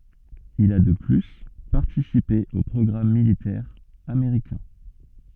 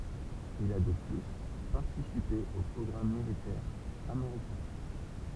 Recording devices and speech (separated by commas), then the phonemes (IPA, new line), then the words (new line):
soft in-ear microphone, temple vibration pickup, read sentence
il a də ply paʁtisipe o pʁɔɡʁam militɛʁz ameʁikɛ̃
Il a de plus participé aux programmes militaires américains.